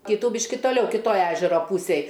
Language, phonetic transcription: Lithuanian, ˈkytų ˈbyški toˈliau kiˈtoj ˈežero ˈpūsėj

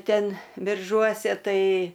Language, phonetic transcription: Lithuanian, ˈten birˈžuose ˈtai

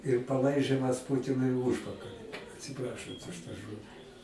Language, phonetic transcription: Lithuanian, ir paˈlaižimas ˈpūtinui i ˈūžpakali atsiˈprašant už tą ˈžodi

